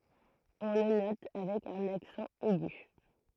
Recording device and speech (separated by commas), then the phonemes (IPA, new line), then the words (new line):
throat microphone, read sentence
ɔ̃ lə nɔt avɛk œ̃n aksɑ̃ ɛɡy
On le note avec un accent aigu.